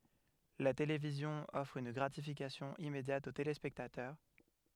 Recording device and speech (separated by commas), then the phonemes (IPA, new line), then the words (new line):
headset microphone, read sentence
la televizjɔ̃ ɔfʁ yn ɡʁatifikasjɔ̃ immedjat o telespɛktatœʁ
La télévision offre une gratification immédiate aux téléspectateurs.